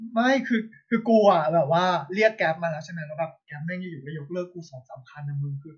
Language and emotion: Thai, neutral